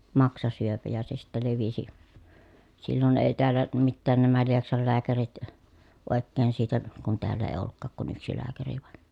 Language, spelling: Finnish, maksasyöpä ja se sitten levisi silloin ei täällä mitään nämä Lieksan lääkärit oikein siitä kun täällä ei ollutkaan kuin yksi lääkäri vain
- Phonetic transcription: maksasyöpä ja se sittä levisi , sillon èi̮ teällä , mittään nämä Lieksal lääkärit , òekkeen siitä , kun teäll ‿èi̮ ollukkaak kun yksi lääkäri vàeN .

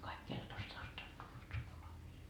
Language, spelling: Finnish, kaikki Keltosta asti oli tullut sukulaisia
- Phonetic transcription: kaik 'Keltost ‿ast oĺ tullut 'sukulaisii .

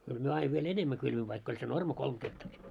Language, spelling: Finnish, kyllä me aina vielä enemmän kylvimme vaikka oli se normi kolme hehtaaria
- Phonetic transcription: kyl 'myö aiv viel 'enemmä kylviv vaikk ‿oĺ se 'norma 'kolm ɢehtarii .

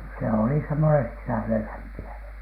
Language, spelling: Finnish, se oli semmoinen sisällelämpiävä
- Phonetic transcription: se oli semmone "sisälelämpi₍ävä .

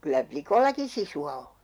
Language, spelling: Finnish, kyllä likoillakin sisua on
- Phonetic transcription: 'kyllä "plikollaki 'sisu₍a o .

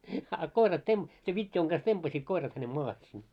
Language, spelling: Finnish, a koirat - sen vitjojen kanssa tempaisivat koirat hänen maahan sinne
- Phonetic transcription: a 'koirat tem- , sev 'vit́joiŋ ɢas 'tempasiit koirat hänem 'moahe sin .

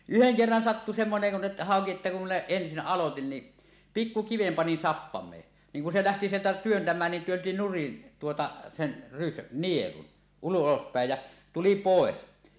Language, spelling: Finnish, yhden kerran sattui semmoinen kuin että hauki että kun minä ensin aloitin niin pikku kiven panin sappameen niin kun se lähti sieltä työntämään niin työnsi nurin tuota sen - nielun ulospäin ja tuli pois
- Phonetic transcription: yheŋ 'kerran "sattu 'semmoneŋ kun ᵉttᴀ̈ , 'hàoki että kum minä "ensin "ˀalotin ni , "pikku 'kivem panin 'sappam̀ee , 'niiŋ kun se 'lähti sieltä "työntämään nin 'työnti 'nurin , tuota , sen , rys- "nielun , 'ulospä̀ej jä , "tuli "pòes .

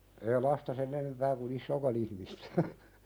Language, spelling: Finnish, ei lasta sen enempää kun isoakaan ihmistä
- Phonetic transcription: ee lasta 'sen ‿enempää ku"n ‿issookan ‿ihmistᴀ̈ .

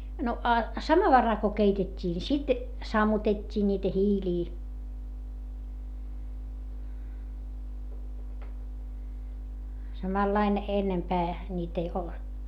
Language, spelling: Finnish, no a samovaarilla kun keitettiin niin sitten sammutettiin niitä hiiliä samalla lailla ennempää niitä jo
- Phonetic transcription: no a , samavaral ko keitet́t́ii ni sit , sammutet́t́ii ńiitä hiilii , samallain , ennempää , ńiitä jo .

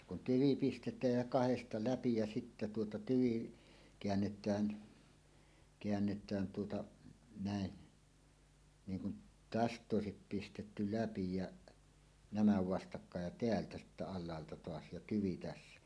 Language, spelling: Finnish, ja kun tyvi pistetään ja kahdesta läpi ja sitten tuota tyvi käännetään käännetään tuota näin niin kuin tästä - olisi pistetty läpi ja nämä vastakkain ja täältä sitten alhaalta taas ja tyvi tässä
- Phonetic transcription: ja kun "tyvi 'pistet̀ääj jä "kahesta 'läpi ja sittä tuota "tyvi , 'keännet̀ään , keännet̀ään tuota , nä̀e , 'niiŋ kun , "täst ˈᵗ ‿òesip pistetty "läpi jäˀ , "nämä 'vastakkaaj ja "teältä sittä 'al̆laalta "toas ja "tyvi 'tässä .

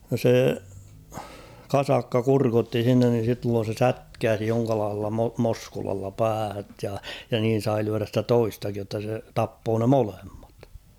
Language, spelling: Finnish, no se kasakka kurkotti sinne niin silloin se sätkäisi jonkinlaisella - moskulalla päähän ja ja niin sai lyödä sitä toistakin jotta se tappoi ne molemmat
- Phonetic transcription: (no) sè , "kasakka 'kurkotti s̬innen ni silloon̬ se "sätkääsi 'joŋkalaah̬ella mo- 'moskulalla 'päähät ja , ja 'niin̬ sai lyärä ‿stä "toistakij jotta se 'tappoo ne "molemmat .

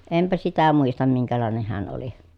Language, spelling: Finnish, enpä sitä muista minkälainen hän oli
- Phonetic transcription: empä sitä muistam miŋkälàeneh heän oli .

